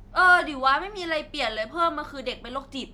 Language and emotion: Thai, frustrated